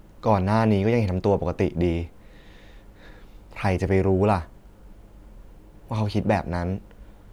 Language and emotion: Thai, sad